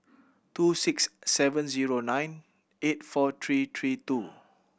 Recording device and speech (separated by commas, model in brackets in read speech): boundary microphone (BM630), read sentence